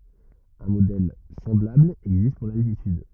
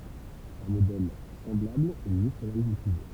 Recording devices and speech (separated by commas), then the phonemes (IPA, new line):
rigid in-ear microphone, temple vibration pickup, read sentence
œ̃ modɛl sɑ̃blabl ɛɡzist puʁ laltityd